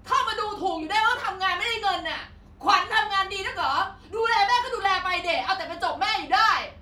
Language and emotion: Thai, angry